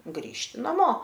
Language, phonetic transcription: Lithuanian, ˈgrįžti naˈmo

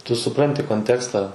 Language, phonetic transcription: Lithuanian, tu suˈpranti konˈtekstą

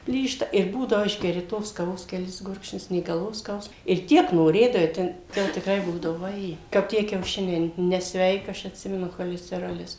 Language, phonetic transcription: Lithuanian, ˈplyšta ir ˈbūdavo ˈišgeri tos kaˈvos keˈlis ˈgurkšnius nė galˈvos ˈskausm ir ˈtiek noˈrėdavai ˈten ˈka jau tikˈrai ˈbūdavu vaˈjė kap ˈtie kiauˈšiniai nesˈveika ˈaš atˈsimenu cholesteˈrolis

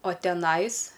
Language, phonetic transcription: Lithuanian, o teˈnais

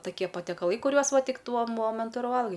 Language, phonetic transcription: Lithuanian, taˈkie patiekaˈlai kuˈriuos ˈva ˈtik ˈtuo ˈmomentu ir ˈvalgai

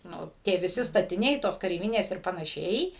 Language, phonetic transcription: Lithuanian, nu tie viˈsi statiˈniai ˈtos kareiˈvinės ir panaˈšiai

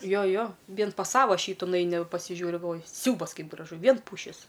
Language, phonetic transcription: Lithuanian, ˈjo ˈjo ˈvien pas ˈsava ˈšytu nuˈeini va pasiˈžiūri galˈvoji ˈsiaubas ˈkaip graˈžu ˈvien ˈpūšis

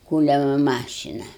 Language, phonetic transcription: Lithuanian, ˈkūliama ˈmašina

